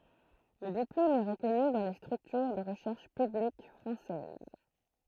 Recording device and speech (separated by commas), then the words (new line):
throat microphone, read sentence
Le diplôme est reconnu dans les structures de recherches publiques françaises.